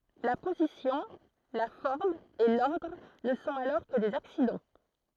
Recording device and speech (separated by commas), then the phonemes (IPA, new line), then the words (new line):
throat microphone, read sentence
la pozisjɔ̃ la fɔʁm e lɔʁdʁ nə sɔ̃t alɔʁ kə dez aksidɑ̃
La position, la forme et l’ordre ne sont alors que des accidents.